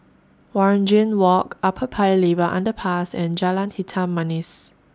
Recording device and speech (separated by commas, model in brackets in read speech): standing microphone (AKG C214), read sentence